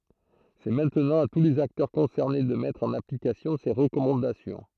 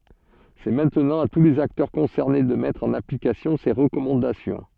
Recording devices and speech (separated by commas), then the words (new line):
throat microphone, soft in-ear microphone, read sentence
C'est maintenant à tous les acteurs concernés de mettre en application ces recommandations.